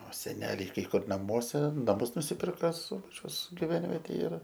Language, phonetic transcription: Lithuanian, o seˈneliai kai ˈkur naˈmuose naˈmus nusiˈpirka ˈsubačiaus giˈvenvetėj ir

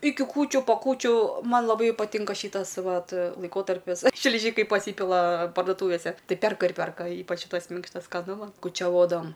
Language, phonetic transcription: Lithuanian, ˈiki ˈkūčiu po ˈkūčių ˈman laˈbai paˈtinka ˈšytas ˈvat laiˈkotarpis šliˈžykai paˈsypila pardoˈtūvėse ˈtai ˈperka ir ˈperka ˈypač ˈšytas ˈminkštas skaˈnu ˈman kučiaˈvodavam

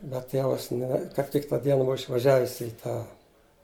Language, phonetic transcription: Lithuanian, bet ˈtėvas ne kap ˈtik ta ˈdiena ˈbuva išvaˈžiavis i ˈtą

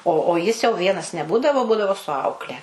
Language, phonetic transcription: Lithuanian, o o ˈjis jau ˈvienas neˈbūdavo ˈbūdavo su ˈaukle

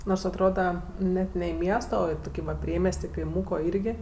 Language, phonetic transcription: Lithuanian, nors atˈroda ˈnet ne i ˈmiesto o i ˈtuki va ˈpriemies't' i kaiˈmūko ˈyrgi

